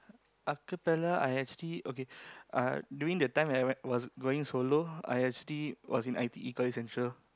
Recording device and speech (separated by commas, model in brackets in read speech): close-talking microphone, conversation in the same room